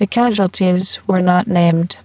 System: VC, spectral filtering